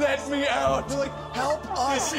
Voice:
scientist voice